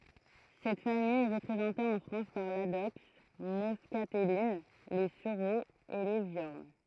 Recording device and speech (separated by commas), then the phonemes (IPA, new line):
throat microphone, read sentence
sɛt famij ɛ ʁəpʁezɑ̃te ɑ̃ fʁɑ̃s paʁ ladɔks mɔskatɛlin le syʁoz e le vjɔʁn